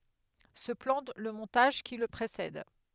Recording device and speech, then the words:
headset microphone, read sentence
Ce plan le montage qui le précède.

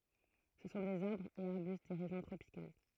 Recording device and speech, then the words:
throat microphone, read sentence
Ce sont des arbres et arbustes des régions tropicales.

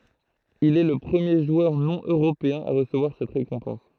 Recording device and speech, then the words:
throat microphone, read sentence
Il est le premier joueur non-européen à recevoir cette récompense.

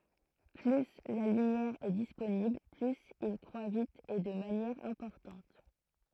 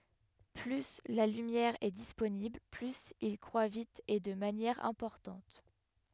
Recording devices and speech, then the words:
throat microphone, headset microphone, read sentence
Plus la lumière est disponible, plus il croît vite et de manière importante.

